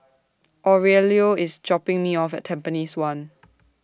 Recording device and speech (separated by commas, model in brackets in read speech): standing microphone (AKG C214), read sentence